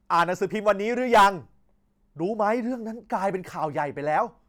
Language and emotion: Thai, angry